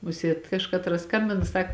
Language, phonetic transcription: Lithuanian, ˈmusiet ˈkažkatras ˈskambina ˈsak

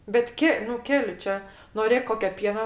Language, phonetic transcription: Lithuanian, bet ˈke nu ˈkeli ˈčia noˈrėk ˈkokio ˈpiena

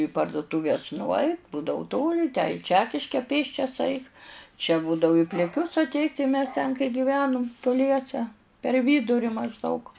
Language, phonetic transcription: Lithuanian, į pardutūˈves nuˈait ˈbūdavu ˈtoli tę i ˈčekiške ˈpėsčias ˈaik čia ˈbūdavu i pliˈkius atˈeit' tai mes ten kai giˈvenum tuˈliese per ˈvyduri mažˈdaug

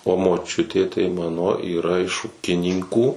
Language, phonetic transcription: Lithuanian, o moˈčiutė tai ˈmano yˈra iš ˈūkinynkų

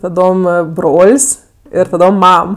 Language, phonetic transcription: Lithuanian, taˈdom ˈa ˈbrol's' ir taˈdom ˈmam

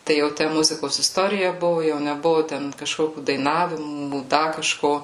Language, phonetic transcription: Lithuanian, ˈtai jau ˈtæ ˈmuzikos isˈtorija ˈbuvu jau neˈbuvu ˈten kaˈžkokiu daiˈnavimų ˈda kaˈžko

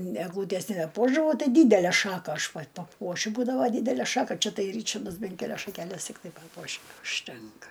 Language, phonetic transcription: Lithuanian, egˈlūtes nebeˈpuošdavau ˈtai ˈdydælæ ˈšaka aš pat paˈpuošiu ˈbūdavo ˈdydælæ ˈšaka ˈčia ˈtai ˈryčardas ˈben keˈlias šakeˈles tikˈtai ˈpapuoši užˈtenka

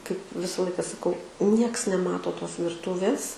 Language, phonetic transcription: Lithuanian, kaip ˈvisa ˈlaika saˈkau ˈnieks neˈmato ˈtos virˈtūvės

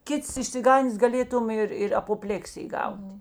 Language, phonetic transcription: Lithuanian, ˈkits išsiˈgandės gaˈlėtum ir ir apoˈplėksij ˈgauti

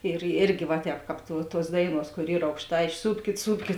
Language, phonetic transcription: Lithuanian, ir ˈirgi va ˈtēp ˈkāp tuo ˈtuos ˈdaiˌnuos kor ˈyr aukˈštai išˈsūpkit ˈsūpkit

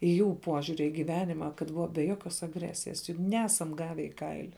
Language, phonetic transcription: Lithuanian, i ˈjų ˈpuožiuri į giˈvenima kad ˈbuva be ˈjokios agˈresijas jug ˈnesam ˈgave i ˈkaili

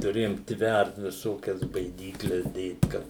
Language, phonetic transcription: Lithuanian, tuˈrėjom ˈtvært viˈsokias baiˈdykles ˈdėt ˈkad

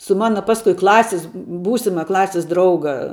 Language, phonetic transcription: Lithuanian, su ˈmana ˈpaskui ˈklasis ˈbūsima ˈklasis ˈdrauga

